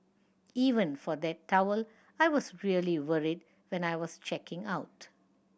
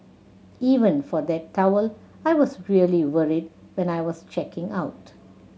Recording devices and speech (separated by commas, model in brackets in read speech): boundary microphone (BM630), mobile phone (Samsung C7100), read sentence